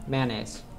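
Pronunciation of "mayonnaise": In 'mayonnaise', some of the word's sounds are left out.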